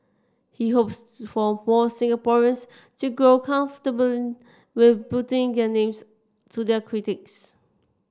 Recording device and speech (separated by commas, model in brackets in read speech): standing microphone (AKG C214), read sentence